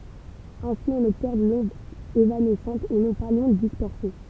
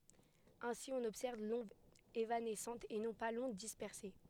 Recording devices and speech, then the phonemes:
temple vibration pickup, headset microphone, read sentence
ɛ̃si ɔ̃n ɔbsɛʁv lɔ̃d evanɛsɑ̃t e nɔ̃ pa lɔ̃d dispɛʁse

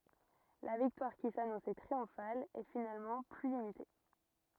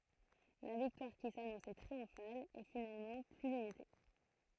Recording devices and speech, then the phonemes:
rigid in-ear microphone, throat microphone, read sentence
la viktwaʁ ki sanɔ̃sɛ tʁiɔ̃fal ɛ finalmɑ̃ ply limite

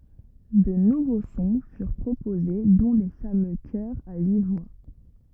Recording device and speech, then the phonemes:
rigid in-ear microphone, read sentence
də nuvo sɔ̃ fyʁ pʁopoze dɔ̃ le famø kœʁz a yi vwa

